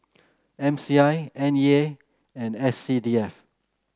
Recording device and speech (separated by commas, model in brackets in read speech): close-talking microphone (WH30), read sentence